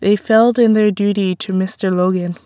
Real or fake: real